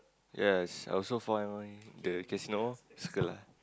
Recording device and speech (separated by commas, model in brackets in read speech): close-talking microphone, conversation in the same room